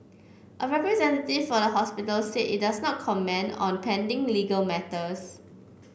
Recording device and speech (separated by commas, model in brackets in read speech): boundary microphone (BM630), read sentence